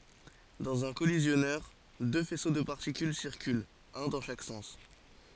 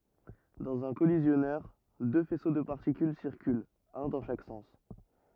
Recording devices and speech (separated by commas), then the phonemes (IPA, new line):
forehead accelerometer, rigid in-ear microphone, read sentence
dɑ̃z œ̃ kɔlizjɔnœʁ dø fɛso də paʁtikyl siʁkylt œ̃ dɑ̃ ʃak sɑ̃s